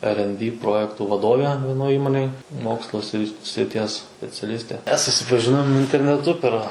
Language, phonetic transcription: Lithuanian, er en by ˈprojektų vaˈdove vieˈnoj ˈįmonėj ˈmokslo sri sriˈties speciaˈlistė ˈmes susipaˈžinom interneˈtu per

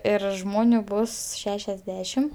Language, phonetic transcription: Lithuanian, ˈir ˈžmoniu ˈbus ˈšešiasˌdešim

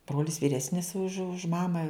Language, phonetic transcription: Lithuanian, ˈbrolis vyˈresnis už už ˈmama

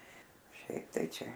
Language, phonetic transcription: Lithuanian, ˈšiaip tai ˈčia

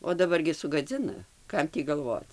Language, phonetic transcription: Lithuanian, o daˈbar gi sugaˈdzina ˈkam tį galˈvoc

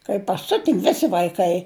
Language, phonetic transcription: Lithuanian, kai paˈsiuti ˈvisi vaiˈkai

